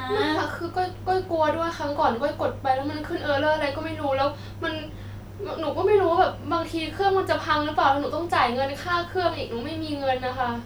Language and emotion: Thai, sad